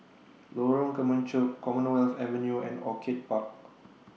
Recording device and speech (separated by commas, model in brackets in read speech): mobile phone (iPhone 6), read sentence